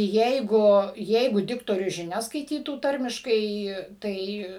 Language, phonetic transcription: Lithuanian, ˈjeigu ˈjeigu ˈdiktorius žiˈnias skaiˈtytų ˈtarmiškai ˈtai

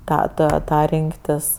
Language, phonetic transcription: Lithuanian, ˈtą ˈtą ˈtą ˈrinktis

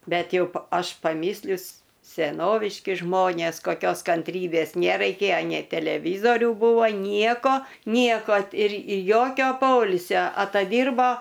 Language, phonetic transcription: Lithuanian, ˈbet ˈjau pa ˈaš paˈmyslius seˈnoviški ˈžmonės koˈkios kanˈtrybės neraiˈkėjo nei teleˈvyzoriu ˈbūvo ˈnieko ˈnieko ir ir ˈjokio ˈpoilsio ataˈdyrbo

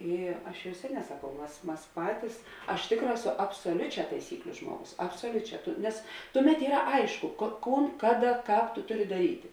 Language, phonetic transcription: Lithuanian, ˈy ˈaš jau ˈseˌnē saˈkau ˈmas ˈmas ˈpatis aš ˈtėkˌrā ˈeˌso absoˈliuˌčiā taiˈsykliu ˈžmuoˌgus absoˈliuˌčiā ˈtu nes ˈtuˌmet ˈyra ˈaišku ko ˈkūn ˈkaˌda ˈkāp tu ˈtuˌri daˈryti

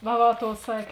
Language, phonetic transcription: Lithuanian, va ˈva ˈtou ˈsakė

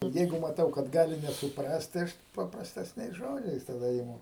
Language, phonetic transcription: Lithuanian, ˈjeigu maˈtau kad ˈgali nesuˈprast tai ˈaš paprastesˈniais ˈžodžiais taˈda iˈmu

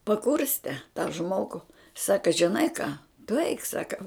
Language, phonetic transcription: Lithuanian, paˈkurste ta ˈžmogu ˈsaka žiˈnai ką tu eik ˈsaka

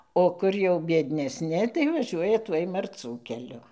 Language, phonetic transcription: Lithuanian, o ˈkur jau biednesˈni tai vaˈžiuoja ˈtuoj marˈcų keˈliu

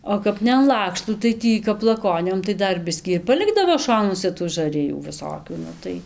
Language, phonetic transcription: Lithuanian, o ˈkap ne an ˈlakštų tai ˈtį kap laˈkoniom tai ˈdar ˈbiskį ir paˈlikdavo ˈšonuose tų žaˈrijų viˈsokių ˈnu tai

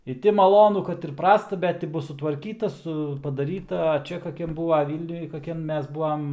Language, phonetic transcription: Lithuanian, i ˈti maˈlonu kad ir ˈprasta ˈbet ti ˈbus sutvarˈkyta ˈsu padaˈryta a ˈčia kaˈkiam ˈbūva ˈvylniuj kaˈkiam ˈmes ˈbū am

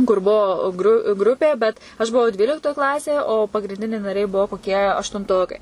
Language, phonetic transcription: Lithuanian, kur ˈbuo gru ˈgrupė bet aš buˈvau ˈdvyliktoj ˈklasėj o pagrinˈdiniai naˈriai ˈbuvo koˈkie aštunˈtokai

